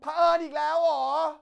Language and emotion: Thai, angry